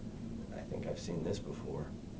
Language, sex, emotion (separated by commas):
English, male, neutral